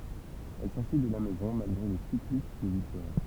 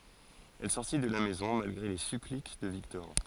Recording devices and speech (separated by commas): temple vibration pickup, forehead accelerometer, read sentence